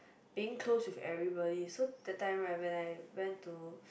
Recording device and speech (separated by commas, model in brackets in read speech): boundary microphone, conversation in the same room